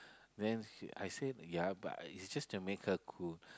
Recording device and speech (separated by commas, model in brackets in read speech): close-talking microphone, conversation in the same room